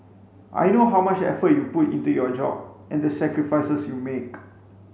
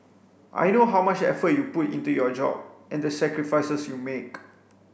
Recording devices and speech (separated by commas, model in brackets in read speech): mobile phone (Samsung C5), boundary microphone (BM630), read sentence